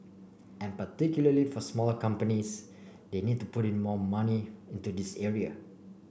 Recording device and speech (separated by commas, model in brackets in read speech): boundary microphone (BM630), read sentence